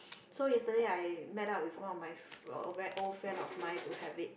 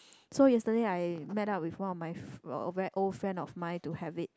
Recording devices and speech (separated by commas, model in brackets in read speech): boundary microphone, close-talking microphone, conversation in the same room